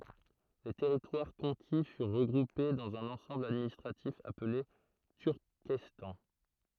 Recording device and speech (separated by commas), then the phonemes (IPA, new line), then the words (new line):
throat microphone, read sentence
le tɛʁitwaʁ kɔ̃ki fyʁ ʁəɡʁupe dɑ̃z œ̃n ɑ̃sɑ̃bl administʁatif aple tyʁkɛstɑ̃
Les territoires conquis furent regroupés dans un ensemble administratif appelé Turkestan.